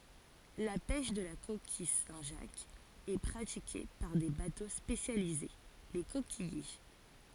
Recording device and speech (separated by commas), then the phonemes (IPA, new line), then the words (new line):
forehead accelerometer, read sentence
la pɛʃ də la kokij sɛ̃tʒakz ɛ pʁatike paʁ de bato spesjalize le kokijje
La pêche de la coquille Saint-Jacques est pratiquée par des bateaux spécialisés, les coquilliers.